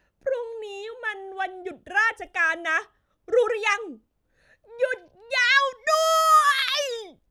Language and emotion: Thai, happy